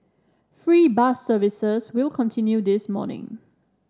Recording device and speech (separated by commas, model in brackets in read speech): standing microphone (AKG C214), read sentence